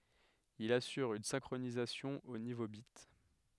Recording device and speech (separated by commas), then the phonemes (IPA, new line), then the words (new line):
headset microphone, read sentence
il asyʁ yn sɛ̃kʁonizasjɔ̃ o nivo bit
Il assure une synchronisation au niveau bit.